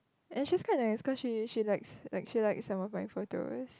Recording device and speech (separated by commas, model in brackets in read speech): close-talking microphone, conversation in the same room